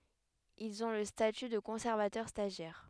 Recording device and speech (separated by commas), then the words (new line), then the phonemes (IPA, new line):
headset microphone, read sentence
Ils ont le statut de conservateur stagiaire.
ilz ɔ̃ lə staty də kɔ̃sɛʁvatœʁ staʒjɛʁ